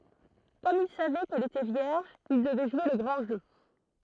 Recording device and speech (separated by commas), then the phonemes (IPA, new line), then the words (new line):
throat microphone, read sentence
kɔm il savɛ kɛl etɛ vjɛʁʒ il dəvɛ ʒwe lə ɡʁɑ̃ ʒø
Comme il savait qu'elle était vierge, il devait jouer le grand jeu.